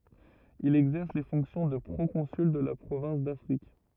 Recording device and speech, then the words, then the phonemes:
rigid in-ear microphone, read sentence
Il exerce les fonctions de proconsul de la province d'Afrique.
il ɛɡzɛʁs le fɔ̃ksjɔ̃ də pʁokɔ̃syl də la pʁovɛ̃s dafʁik

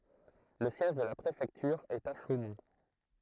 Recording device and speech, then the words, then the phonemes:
throat microphone, read sentence
Le siège de la préfecture est à Chaumont.
lə sjɛʒ də la pʁefɛktyʁ ɛt a ʃomɔ̃

